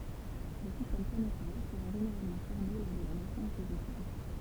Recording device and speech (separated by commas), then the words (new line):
temple vibration pickup, read sentence
Les systèmes planétaires seraient généralement formés lors de la naissance des étoiles.